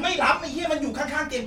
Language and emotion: Thai, angry